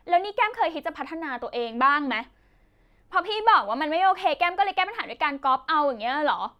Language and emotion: Thai, angry